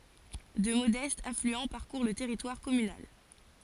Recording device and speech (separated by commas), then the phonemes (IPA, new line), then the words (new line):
forehead accelerometer, read sentence
dø modɛstz aflyɑ̃ paʁkuʁ lə tɛʁitwaʁ kɔmynal
Deux modestes affluents parcourent le territoire communal.